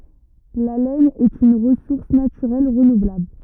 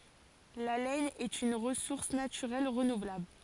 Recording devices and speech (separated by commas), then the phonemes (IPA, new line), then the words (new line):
rigid in-ear microphone, forehead accelerometer, read sentence
la lɛn ɛt yn ʁəsuʁs natyʁɛl ʁənuvlabl
La laine est une ressource naturelle renouvelable.